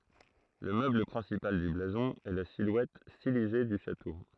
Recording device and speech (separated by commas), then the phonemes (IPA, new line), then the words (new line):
throat microphone, read sentence
lə møbl pʁɛ̃sipal dy blazɔ̃ ɛ la silwɛt stilize dy ʃato
Le meuble principal du blason est la silhouette stylisée du château.